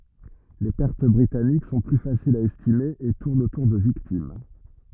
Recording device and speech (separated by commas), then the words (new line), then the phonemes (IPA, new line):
rigid in-ear microphone, read sentence
Les pertes britanniques sont plus faciles à estimer et tournent autour de victimes.
le pɛʁt bʁitanik sɔ̃ ply fasilz a ɛstime e tuʁnt otuʁ də viktim